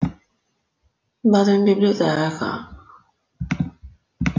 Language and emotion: Italian, sad